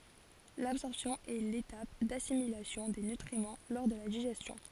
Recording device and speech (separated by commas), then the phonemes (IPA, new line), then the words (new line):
forehead accelerometer, read sentence
labsɔʁpsjɔ̃ ɛ letap dasimilasjɔ̃ de nytʁimɑ̃ lɔʁ də la diʒɛstjɔ̃
L'absorption est l'étape d'assimilation des nutriments lors de la digestion.